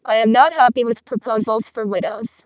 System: VC, vocoder